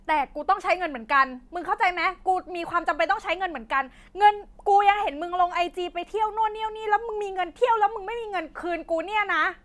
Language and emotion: Thai, angry